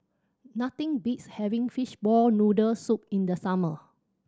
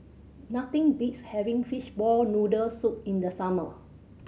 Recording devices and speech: standing microphone (AKG C214), mobile phone (Samsung C7100), read sentence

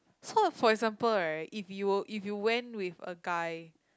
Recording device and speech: close-talking microphone, conversation in the same room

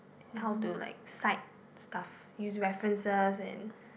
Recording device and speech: boundary microphone, conversation in the same room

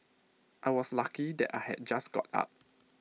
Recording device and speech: mobile phone (iPhone 6), read sentence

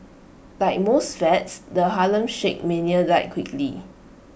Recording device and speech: boundary microphone (BM630), read sentence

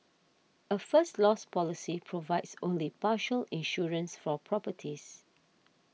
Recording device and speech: mobile phone (iPhone 6), read sentence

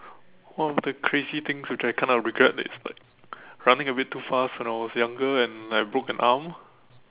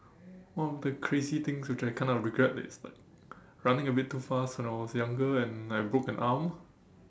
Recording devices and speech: telephone, standing microphone, conversation in separate rooms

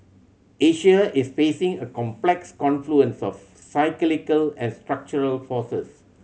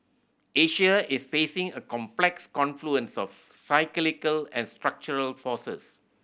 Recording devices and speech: mobile phone (Samsung C7100), boundary microphone (BM630), read sentence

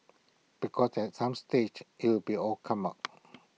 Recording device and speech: mobile phone (iPhone 6), read sentence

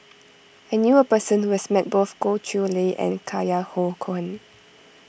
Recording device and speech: boundary microphone (BM630), read sentence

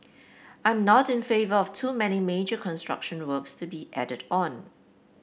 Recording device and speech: boundary microphone (BM630), read sentence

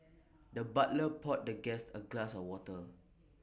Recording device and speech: boundary microphone (BM630), read sentence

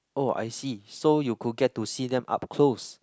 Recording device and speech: close-talking microphone, conversation in the same room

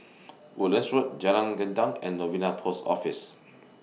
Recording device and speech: mobile phone (iPhone 6), read sentence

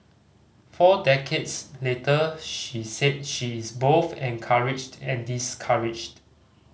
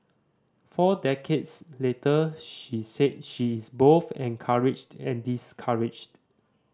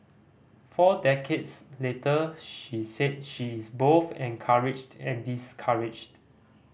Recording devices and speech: mobile phone (Samsung C5010), standing microphone (AKG C214), boundary microphone (BM630), read sentence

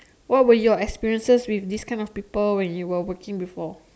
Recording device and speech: standing microphone, conversation in separate rooms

